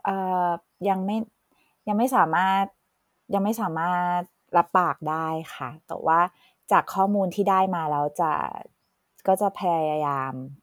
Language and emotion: Thai, neutral